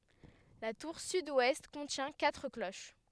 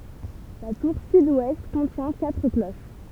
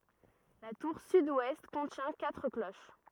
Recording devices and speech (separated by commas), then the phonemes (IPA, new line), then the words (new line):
headset microphone, temple vibration pickup, rigid in-ear microphone, read sentence
la tuʁ sydwɛst kɔ̃tjɛ̃ katʁ kloʃ
La tour sud-ouest contient quatre cloches.